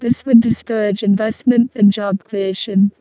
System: VC, vocoder